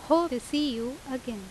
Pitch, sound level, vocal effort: 260 Hz, 87 dB SPL, loud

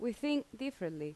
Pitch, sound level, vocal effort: 240 Hz, 82 dB SPL, loud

